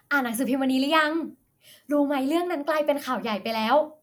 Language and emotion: Thai, happy